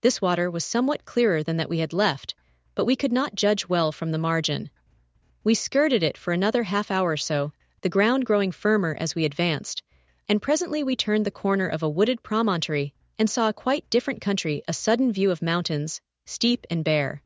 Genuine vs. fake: fake